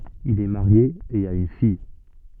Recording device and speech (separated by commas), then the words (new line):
soft in-ear microphone, read sentence
Il est marié et a une fille.